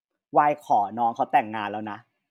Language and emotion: Thai, neutral